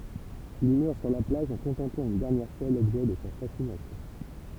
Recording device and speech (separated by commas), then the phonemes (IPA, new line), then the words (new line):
temple vibration pickup, read sentence
il mœʁ syʁ la plaʒ ɑ̃ kɔ̃tɑ̃plɑ̃ yn dɛʁnjɛʁ fwa lɔbʒɛ də sa fasinasjɔ̃
Il meurt sur la plage en contemplant une dernière fois l'objet de sa fascination.